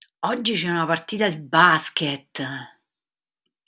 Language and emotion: Italian, surprised